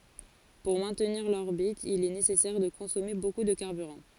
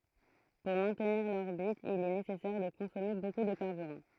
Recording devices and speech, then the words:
forehead accelerometer, throat microphone, read sentence
Pour maintenir l'orbite, il est nécessaire de consommer beaucoup de carburant.

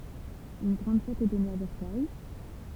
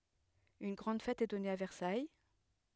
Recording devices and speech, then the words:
temple vibration pickup, headset microphone, read sentence
Une grande fête est donnée à Versailles.

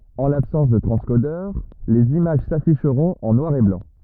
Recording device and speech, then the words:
rigid in-ear microphone, read sentence
En l'absence de transcodeur, les images s'afficheront en noir et blanc.

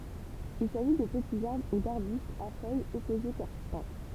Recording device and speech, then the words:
temple vibration pickup, read sentence
Il s'agit de petits arbres ou d'arbustes à feuilles opposées persistantes.

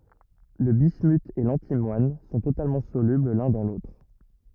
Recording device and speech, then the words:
rigid in-ear microphone, read sentence
Le bismuth et l'antimoine sont totalement solubles l'un dans l'autre.

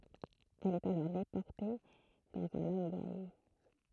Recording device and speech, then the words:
throat microphone, read sentence
Elle est alors déportée dans un laogai.

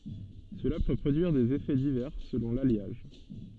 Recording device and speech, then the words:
soft in-ear microphone, read sentence
Cela peut produire des effets divers selon l'alliage.

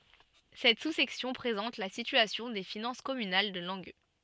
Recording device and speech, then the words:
soft in-ear microphone, read sentence
Cette sous-section présente la situation des finances communales de Langueux.

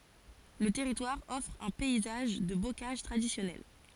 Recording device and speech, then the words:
forehead accelerometer, read sentence
Le territoire offre un paysage de bocage traditionnel.

